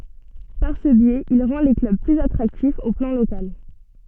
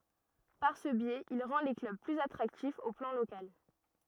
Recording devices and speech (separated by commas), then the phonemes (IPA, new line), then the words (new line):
soft in-ear microphone, rigid in-ear microphone, read sentence
paʁ sə bjɛz il ʁɑ̃ le klœb plyz atʁaktifz o plɑ̃ lokal
Par ce biais, il rend les clubs plus attractifs au plan local.